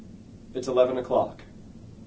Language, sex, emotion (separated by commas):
English, male, neutral